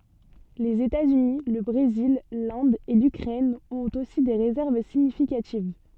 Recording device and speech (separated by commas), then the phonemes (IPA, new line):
soft in-ear microphone, read sentence
lez etaz yni lə bʁezil lɛ̃d e lykʁɛn ɔ̃t osi de ʁezɛʁv siɲifikativ